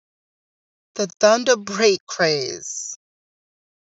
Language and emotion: English, sad